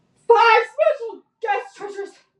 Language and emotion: English, fearful